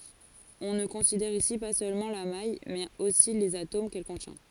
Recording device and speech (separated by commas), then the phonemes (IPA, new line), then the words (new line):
forehead accelerometer, read sentence
ɔ̃ nə kɔ̃sidɛʁ isi pa sølmɑ̃ la maj mɛz osi lez atom kɛl kɔ̃tjɛ̃
On ne considère ici pas seulement la maille mais aussi les atomes qu'elle contient.